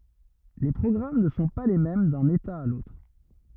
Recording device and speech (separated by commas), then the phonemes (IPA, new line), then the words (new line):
rigid in-ear microphone, read sentence
le pʁɔɡʁam nə sɔ̃ pa le mɛm dœ̃n eta a lotʁ
Les programmes ne sont pas les mêmes d'un état à l'autre.